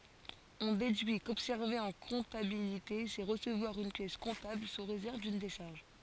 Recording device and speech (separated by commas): forehead accelerometer, read sentence